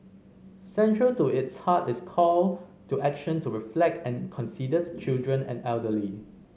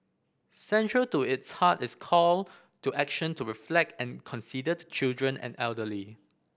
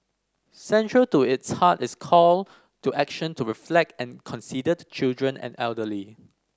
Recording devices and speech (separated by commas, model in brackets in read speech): mobile phone (Samsung C5010), boundary microphone (BM630), standing microphone (AKG C214), read sentence